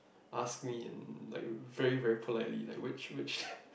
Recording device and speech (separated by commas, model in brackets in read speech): boundary microphone, conversation in the same room